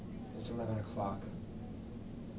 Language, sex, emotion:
English, male, neutral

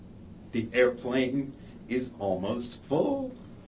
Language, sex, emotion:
English, male, neutral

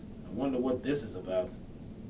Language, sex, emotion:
English, male, fearful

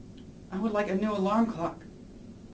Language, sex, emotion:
English, male, sad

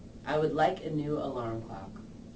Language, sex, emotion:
English, female, neutral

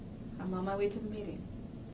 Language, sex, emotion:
English, female, neutral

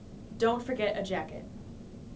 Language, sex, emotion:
English, female, neutral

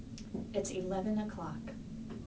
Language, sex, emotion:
English, female, neutral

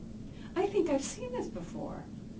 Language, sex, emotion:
English, female, neutral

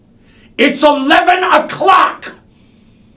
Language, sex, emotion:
English, male, angry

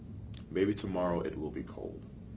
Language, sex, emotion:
English, male, neutral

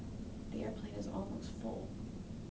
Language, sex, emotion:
English, female, neutral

